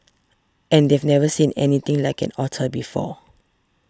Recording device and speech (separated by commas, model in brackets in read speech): standing microphone (AKG C214), read sentence